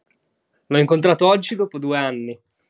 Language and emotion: Italian, happy